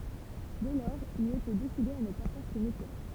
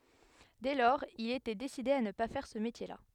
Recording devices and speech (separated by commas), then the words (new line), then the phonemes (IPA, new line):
temple vibration pickup, headset microphone, read sentence
Dès lors, il était décidé à ne pas faire ce métier-là.
dɛ lɔʁz il etɛ deside a nə pa fɛʁ sə metjɛʁla